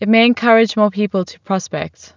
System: none